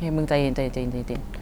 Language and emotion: Thai, neutral